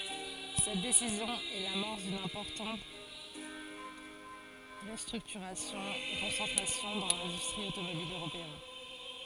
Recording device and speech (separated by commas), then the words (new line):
forehead accelerometer, read sentence
Cette décision est l’amorce d’une importante restructuration et concentration dans l’industrie automobile européenne.